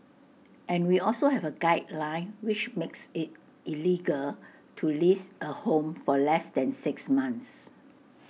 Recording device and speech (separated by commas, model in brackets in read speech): mobile phone (iPhone 6), read sentence